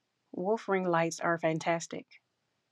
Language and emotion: English, angry